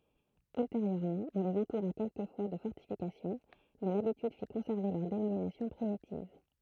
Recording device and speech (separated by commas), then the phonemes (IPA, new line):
throat microphone, read sentence
ylteʁjøʁmɑ̃ ɔ̃ lez ɑ̃tuʁa kɛlkəfwa də fɔʁtifikasjɔ̃ mɛ labityd fi kɔ̃sɛʁve lœʁ denominasjɔ̃ pʁimitiv